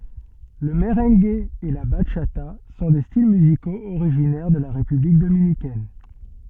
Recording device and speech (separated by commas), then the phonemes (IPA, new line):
soft in-ear microphone, read sentence
lə məʁɑ̃ɡ e la baʃata sɔ̃ de stil myzikoz oʁiʒinɛʁ də la ʁepyblik dominikɛn